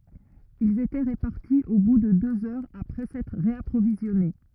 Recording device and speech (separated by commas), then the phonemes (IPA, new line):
rigid in-ear microphone, read sentence
ilz etɛ ʁəpaʁti o bu də døz œʁz apʁɛ sɛtʁ ʁeapʁovizjɔne